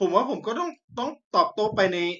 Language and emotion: Thai, sad